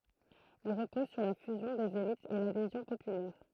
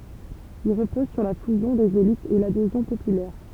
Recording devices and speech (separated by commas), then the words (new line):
throat microphone, temple vibration pickup, read sentence
Il repose sur la fusion des élites et l'adhésion populaire.